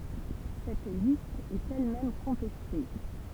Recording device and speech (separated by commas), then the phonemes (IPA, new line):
temple vibration pickup, read sentence
sɛt list ɛt ɛl mɛm kɔ̃tɛste